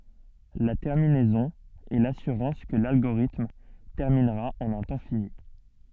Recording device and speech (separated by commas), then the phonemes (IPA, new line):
soft in-ear microphone, read sentence
la tɛʁminɛzɔ̃ ɛ lasyʁɑ̃s kə lalɡoʁitm tɛʁminʁa ɑ̃n œ̃ tɑ̃ fini